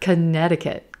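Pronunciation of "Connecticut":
In 'Connecticut', the first syllable is super quick, there is a flap T, and one of the C's is not heard at all.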